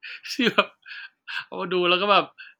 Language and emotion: Thai, happy